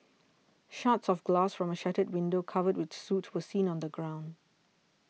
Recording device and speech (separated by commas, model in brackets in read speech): mobile phone (iPhone 6), read sentence